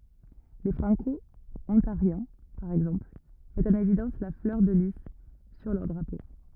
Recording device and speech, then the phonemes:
rigid in-ear microphone, read sentence
le fʁɑ̃kɔɔ̃taʁjɛ̃ paʁ ɛɡzɑ̃pl mɛtt ɑ̃n evidɑ̃s la flœʁ də li syʁ lœʁ dʁapo

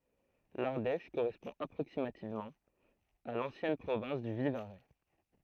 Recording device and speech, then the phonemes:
throat microphone, read sentence
laʁdɛʃ koʁɛspɔ̃ apʁoksimativmɑ̃ a lɑ̃sjɛn pʁovɛ̃s dy vivaʁɛ

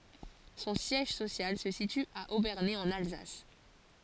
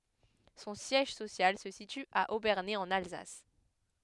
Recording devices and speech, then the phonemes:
forehead accelerometer, headset microphone, read sentence
sɔ̃ sjɛʒ sosjal sə sity a obɛʁne ɑ̃n alzas

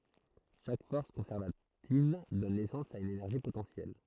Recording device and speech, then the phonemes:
throat microphone, read sentence
ʃak fɔʁs kɔ̃sɛʁvativ dɔn nɛsɑ̃s a yn enɛʁʒi potɑ̃sjɛl

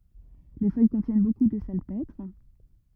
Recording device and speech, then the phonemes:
rigid in-ear microphone, read sentence
le fœj kɔ̃tjɛn boku də salpɛtʁ

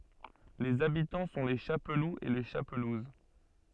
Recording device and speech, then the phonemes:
soft in-ear microphone, read sentence
lez abitɑ̃ sɔ̃ le ʃapluz e le ʃapluz

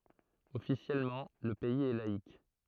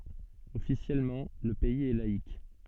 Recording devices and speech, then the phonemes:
throat microphone, soft in-ear microphone, read sentence
ɔfisjɛlmɑ̃ lə pɛiz ɛ laik

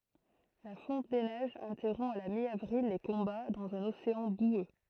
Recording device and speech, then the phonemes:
throat microphone, read sentence
la fɔ̃t de nɛʒz ɛ̃tɛʁɔ̃ a la mjavʁil le kɔ̃ba dɑ̃z œ̃n oseɑ̃ bwø

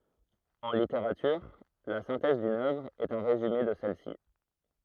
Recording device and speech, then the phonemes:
throat microphone, read sentence
ɑ̃ liteʁatyʁ la sɛ̃tɛz dyn œvʁ ɛt œ̃ ʁezyme də sɛl si

